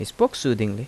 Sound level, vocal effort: 81 dB SPL, normal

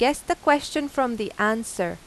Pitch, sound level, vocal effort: 265 Hz, 90 dB SPL, loud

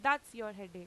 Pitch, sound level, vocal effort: 215 Hz, 95 dB SPL, loud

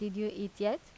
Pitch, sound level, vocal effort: 210 Hz, 85 dB SPL, normal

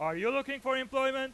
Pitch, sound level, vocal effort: 265 Hz, 106 dB SPL, very loud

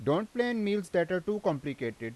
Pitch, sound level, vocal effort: 180 Hz, 91 dB SPL, loud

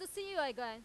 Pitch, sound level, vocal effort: 300 Hz, 99 dB SPL, very loud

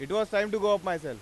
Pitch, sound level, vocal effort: 205 Hz, 100 dB SPL, loud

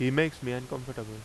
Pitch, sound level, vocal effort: 130 Hz, 86 dB SPL, loud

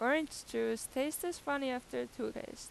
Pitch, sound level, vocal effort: 260 Hz, 87 dB SPL, normal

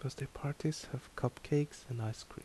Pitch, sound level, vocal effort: 135 Hz, 70 dB SPL, soft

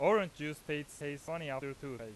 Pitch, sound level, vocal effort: 145 Hz, 94 dB SPL, very loud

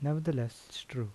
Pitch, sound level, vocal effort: 125 Hz, 77 dB SPL, soft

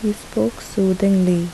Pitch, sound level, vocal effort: 185 Hz, 73 dB SPL, soft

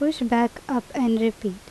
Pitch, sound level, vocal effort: 235 Hz, 80 dB SPL, normal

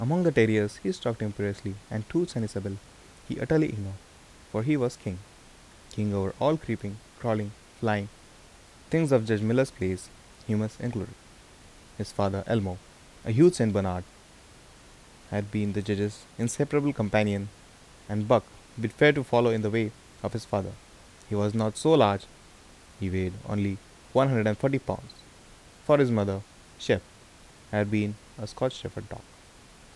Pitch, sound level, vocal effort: 105 Hz, 79 dB SPL, soft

